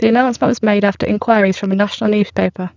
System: VC, spectral filtering